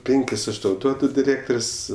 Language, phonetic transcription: Lithuanian, ˈpinkis ˈaš ˈtau ˈduodu diˈrėktor's'

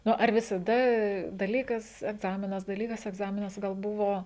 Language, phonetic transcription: Lithuanian, ˈnu ar visaˈda daˈlykas egˈzaminas daˈlykas egˈzaminas gal ˈbuvo

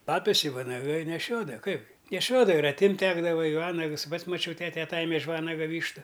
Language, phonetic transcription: Lithuanian, ˈpapes i vanaˈgai neˈšiodava ˈkaipgi neˈšiodava ir atˈimt' ˈtekdava i ˈvanags ˈpats ˈmačiau ˈtete aˈtajeme iš ˈvanaga ˈvyštu

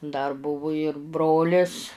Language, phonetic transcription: Lithuanian, dar ˈbuvu ir ˈbrolis

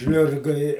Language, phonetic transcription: Lithuanian, ˈžliurga i

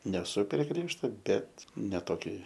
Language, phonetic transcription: Lithuanian, neˈsu prie ˈgriežto bet ne toˈkioj

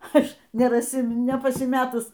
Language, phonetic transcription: Lithuanian, ˈaš neraˈsi nepasiˈmetus

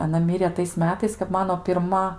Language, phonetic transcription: Lithuanian, aˈna ˈmirė tais ˈmetais kap ˈmano pirˈma

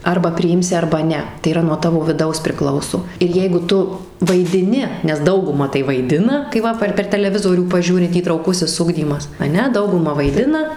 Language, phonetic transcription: Lithuanian, ˈarba priˈimsi ˈarba ˈne tai yˈra nuo ˈtavo viˈdaus priˈklauso ir ˈjeigu ˈtu vaidiˈni nes ˈdauguma tai vaiˈdina kai ˈva par per taleˈvizorių paˈžiūri įtrauˈkusis ˈugdymas aˈne ˈdauguma vaiˈdina

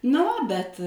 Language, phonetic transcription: Lithuanian, na ˈva bet

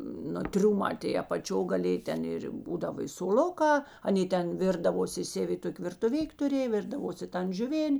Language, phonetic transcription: Lithuanian, ˈnu ˈtriumā tėi apaˈčio gaˈlėj ˈten ˈir ˈbūdava soˈluˌkā aˈnė ˈten ˈvirdavosi ˈsevi ˈtok' virtuˈvik' tuˈrėj ˈvirdavosi ˈtan žiuˈvėn'

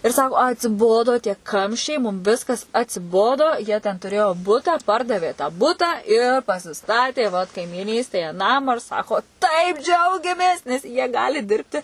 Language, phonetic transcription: Lithuanian, ir ˈsako atsiˈbodo tie ˈkamščiai mum ˈviskas atsiˈbodo jie ten tuˈrėjo ˈbuta ˈpardavė tą ˈbutą i pasiˈstatė vat kaimyˈnystėje ˈnamą ir ˈsako taip ˈdžiaugiamės nes jie ˈgali ˈdirbti

